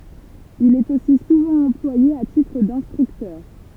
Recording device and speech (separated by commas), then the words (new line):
temple vibration pickup, read sentence
Il est aussi souvent employé à titre d'instructeur.